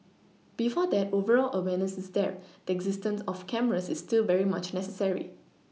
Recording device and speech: mobile phone (iPhone 6), read sentence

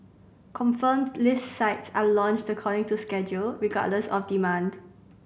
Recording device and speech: boundary microphone (BM630), read sentence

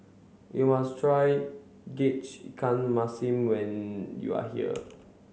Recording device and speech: mobile phone (Samsung C7), read sentence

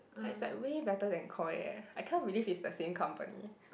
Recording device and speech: boundary microphone, conversation in the same room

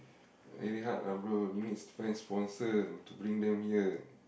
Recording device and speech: boundary microphone, conversation in the same room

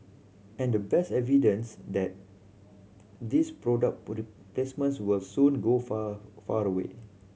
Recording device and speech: mobile phone (Samsung C7100), read sentence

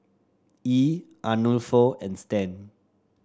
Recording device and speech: standing microphone (AKG C214), read sentence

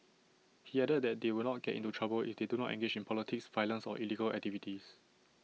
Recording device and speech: mobile phone (iPhone 6), read sentence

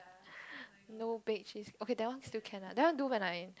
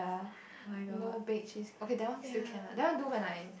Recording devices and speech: close-talking microphone, boundary microphone, conversation in the same room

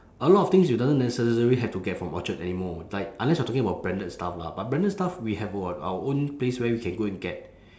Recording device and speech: standing microphone, conversation in separate rooms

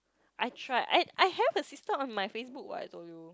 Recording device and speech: close-talking microphone, conversation in the same room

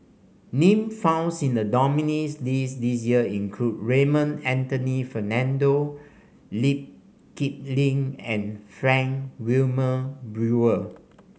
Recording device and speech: mobile phone (Samsung C5), read sentence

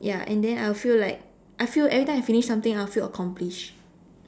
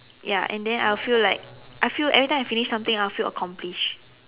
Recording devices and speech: standing microphone, telephone, conversation in separate rooms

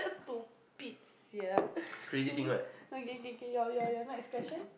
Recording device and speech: boundary microphone, conversation in the same room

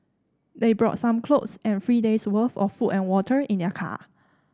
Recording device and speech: standing microphone (AKG C214), read sentence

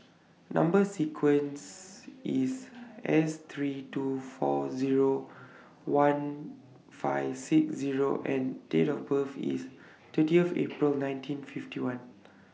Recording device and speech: mobile phone (iPhone 6), read sentence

